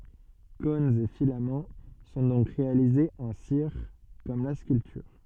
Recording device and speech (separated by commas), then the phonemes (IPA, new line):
soft in-ear microphone, read sentence
kɔ̃nz e filamɑ̃ sɔ̃ dɔ̃k ʁealizez ɑ̃ siʁ kɔm la skyltyʁ